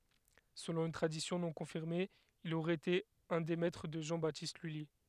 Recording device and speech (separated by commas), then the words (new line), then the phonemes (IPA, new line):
headset microphone, read sentence
Selon une tradition non confirmée, il aurait été un des maîtres de Jean-Baptiste Lully.
səlɔ̃ yn tʁadisjɔ̃ nɔ̃ kɔ̃fiʁme il oʁɛə ete œ̃ deə mɛtʁə də ʒɑ̃ batist lyli